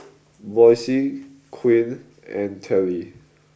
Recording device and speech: boundary microphone (BM630), read sentence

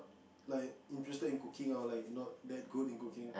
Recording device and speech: boundary microphone, conversation in the same room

